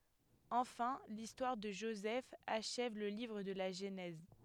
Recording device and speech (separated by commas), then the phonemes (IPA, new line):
headset microphone, read sentence
ɑ̃fɛ̃ listwaʁ də ʒozɛf aʃɛv lə livʁ də la ʒənɛz